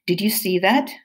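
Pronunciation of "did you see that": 'Did you see that' is said with rising intonation, so the pitch goes up.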